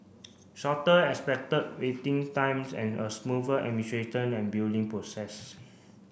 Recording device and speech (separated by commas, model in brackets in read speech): boundary microphone (BM630), read sentence